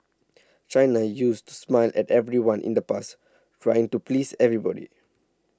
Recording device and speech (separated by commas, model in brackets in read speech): standing microphone (AKG C214), read sentence